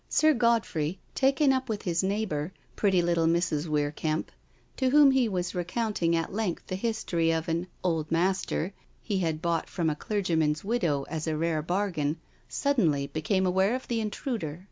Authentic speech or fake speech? authentic